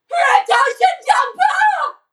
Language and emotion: English, fearful